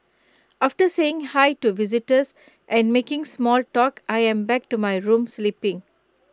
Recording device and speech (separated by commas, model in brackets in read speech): close-talking microphone (WH20), read sentence